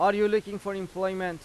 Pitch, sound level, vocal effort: 195 Hz, 96 dB SPL, loud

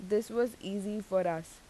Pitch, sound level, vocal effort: 205 Hz, 84 dB SPL, normal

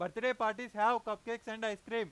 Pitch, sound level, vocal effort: 225 Hz, 102 dB SPL, very loud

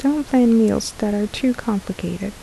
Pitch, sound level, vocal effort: 220 Hz, 74 dB SPL, soft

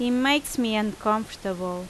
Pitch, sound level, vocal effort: 215 Hz, 85 dB SPL, loud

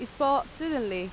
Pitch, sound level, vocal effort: 250 Hz, 89 dB SPL, very loud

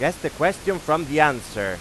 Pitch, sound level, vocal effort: 155 Hz, 98 dB SPL, very loud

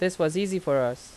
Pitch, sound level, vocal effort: 160 Hz, 86 dB SPL, loud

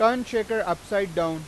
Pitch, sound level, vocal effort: 200 Hz, 99 dB SPL, very loud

